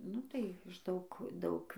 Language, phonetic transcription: Lithuanian, ˈnu tai iš ˈdaug ˈdaug

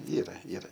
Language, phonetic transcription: Lithuanian, ˈyra ˈyra

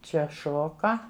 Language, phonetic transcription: Lithuanian, ˈčia ˈšoka

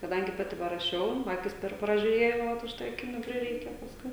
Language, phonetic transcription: Lithuanian, kaˈdangi ˈpati paraˈšiau ˈakis ˈper pražiuˈrėjau vat už ˈtai aˈkinių ˈprireike pasˈkui

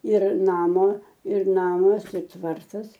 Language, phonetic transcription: Lithuanian, ir ˈnamo ir ˈnamas i ˈtvartas

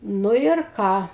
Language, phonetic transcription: Lithuanian, ˈnu ir ˈką

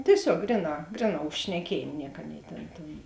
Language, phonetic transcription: Lithuanian, tieˈsiog ˈgriˌnā ˈgriˌnā už šneˈkiejėm ˈniek ˈaˌnėi ˈtėn tėn

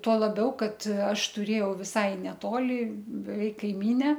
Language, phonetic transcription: Lithuanian, tuo laˈbiau ˈkad ˈaš tuˈrėjau viˈsai neˈtoli beˈveik kaiˈmyne

